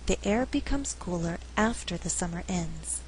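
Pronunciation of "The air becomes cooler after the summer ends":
In 'The air becomes cooler after the summer ends', the word 'after' is emphasized.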